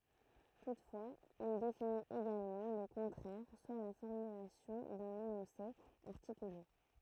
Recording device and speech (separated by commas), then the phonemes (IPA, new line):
throat microphone, read sentence
tutfwaz il definit eɡalmɑ̃ lə kɔ̃tʁɛʁ swa la fɔʁmylasjɔ̃ dœ̃n enɔ̃se aʁtikyle